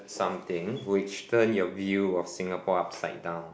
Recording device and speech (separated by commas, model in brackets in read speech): boundary microphone, conversation in the same room